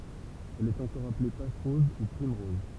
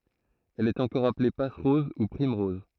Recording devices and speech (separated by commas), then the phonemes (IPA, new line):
temple vibration pickup, throat microphone, read sentence
ɛl ɛt ɑ̃kɔʁ aple pasʁɔz u pʁimʁɔz